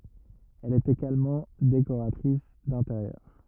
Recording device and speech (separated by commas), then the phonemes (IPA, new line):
rigid in-ear microphone, read sentence
ɛl ɛt eɡalmɑ̃ dekoʁatʁis dɛ̃teʁjœʁ